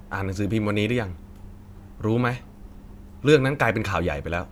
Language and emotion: Thai, frustrated